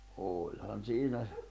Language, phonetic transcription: Finnish, 'ooĺhan siinä ,.
- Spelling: olihan siinä

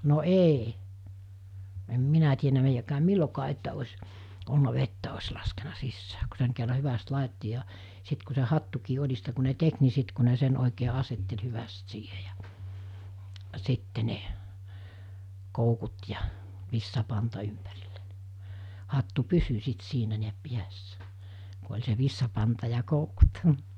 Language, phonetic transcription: Finnish, no 'èi , em 'minä tienä meijäkääm 'millokaa että oś , ollᴜna 'vettä os laskena 'sissää ku seŋ kerra 'hyväst 'làitti ja , sit ku se 'hattukii 'oĺista ku ne 'tek ni 'sit ku ne 'sen òikee 'asettel 'hyväst 'siihe ᴊᴀ , 'sitte ne , 'koukut ja , 'vissapanta ympärilᴇ(n-) , 'hattu "pysy sit 'siinä niäp 'piässä , ku oĺ se 'vissapanta ja 'koukut .
- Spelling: no ei en minä tiennyt meidänkään milloinkaan että olisi ollut vettä olisi laskenut sisään kun sen kerran hyvästi laittoi ja sitten kun se hattukin oljista kun ne teki niin sitten kun ne sen oikein asetteli hyvästi siihen ja sitten ne koukut ja vitsapanta ympärille hattu pysyi sitten siinä näin päässä kun oli se vitsapanta ja koukut

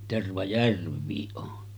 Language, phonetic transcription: Finnish, 'Tervajärv̆viiˀ ˀon .
- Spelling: Tervajärvikin on

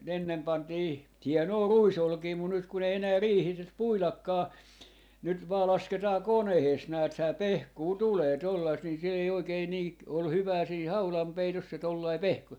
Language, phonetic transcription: Finnish, n ‿ennem pantii , "hiɛnoo "ruisolkii mut nyt kun ‿ei 'enää 'riihiis 'puilakkaa , 'nyt vaa 'lasketaa "konehees 'nääthää "pehkuu "tulee 'tollaist ni se ei oikei nii ‿k- , ol 'hyvää siih 'haulampeitos se 'tollai "pehku .
- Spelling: ne ennen pantiin hienoa ruisolkea mutta nyt kun ei enää riihissä puidakaan nyt vain lasketaan koneessa näethän pehkua tulee tuollaista niin se ei oikein niin - ole hyvää siinä haudanpeitossa se tuollainen pehku

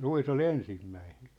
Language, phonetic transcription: Finnish, 'ruis ‿o"l ‿ensimmäinᴇɴ .
- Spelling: ruis oli ensimmäinen

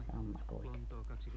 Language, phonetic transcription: Finnish, 'sammakoita(kin) .
- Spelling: sammakoitakin

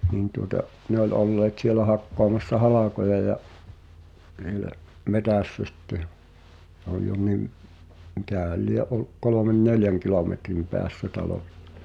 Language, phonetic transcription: Finnish, 'nin tuŏta , 'ne ‿oĺ olleet 'sielä hakkoamassa "halàkoja ja , (’hie-) 'metä̀ssä sⁱtte (ᴊᴀ) , h̳ᵉ ‿ol jo nim , 'mikä̀häl "lie’ 'oluk 'kolomen "neljäŋ kilòmetrim 'peäs-sä 'talò(s)[ta] .
- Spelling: niin tuota ne oli olleet siellä hakkaamassa halkoja ja siellä metsässä sitten ja se oli jo niin mikähän lie ollut kolmen neljän kilometrin päässä talosta

